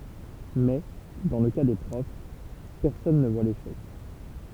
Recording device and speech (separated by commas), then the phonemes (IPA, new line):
temple vibration pickup, read sentence
mɛ dɑ̃ lə ka de pʁɔf pɛʁsɔn nə vwa leʃɛk